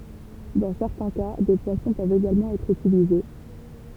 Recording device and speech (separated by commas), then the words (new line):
temple vibration pickup, read sentence
Dans certains cas, des poissons peuvent également être utilisés.